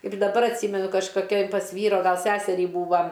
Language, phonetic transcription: Lithuanian, ir daˈbar atˈsymenu kažkoˈkioj pas ˈvyro ˈgal ˈseserį ˈbūva

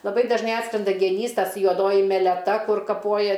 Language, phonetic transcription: Lithuanian, laˈbai dažˈnai ˈatskrenda geˈnys ˈtas juoˈdoji meleˈta ˈkur kaˈpoja

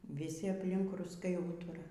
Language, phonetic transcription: Lithuanian, viˈsi apˈlink rusˈkai ˈūtura

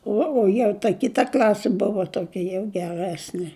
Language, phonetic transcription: Lithuanian, ˈuo o jau ta ˈkita ˈkl'asi ˈbuva toˈkia jau geˈresni

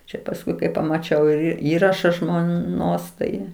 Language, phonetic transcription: Lithuanian, ˈčia pasˈkui kai pamaˈčiau ir ˈįraša žmoˈnos tai

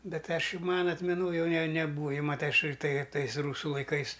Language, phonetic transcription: Lithuanian, ˈbet ˈaš ˈjau ˈmana atmeˈnoj ˈjau ne ne neˈbūa ˈjau maˈtai ˈaš tai ˈtais ˈrūsu laiˈkais

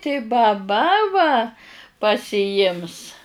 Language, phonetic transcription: Lithuanian, tai baˈba va pasiˈjims

